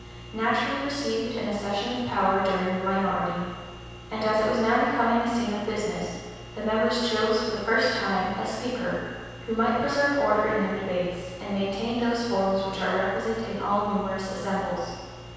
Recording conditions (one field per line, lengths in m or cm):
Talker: one person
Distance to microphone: 7.1 m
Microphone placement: far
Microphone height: 1.7 m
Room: very reverberant, large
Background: none